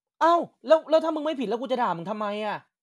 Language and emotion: Thai, frustrated